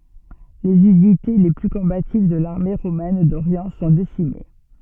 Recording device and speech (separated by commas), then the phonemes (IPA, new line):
soft in-ear microphone, read sentence
lez ynite le ply kɔ̃bativ də laʁme ʁomɛn doʁjɑ̃ sɔ̃ desime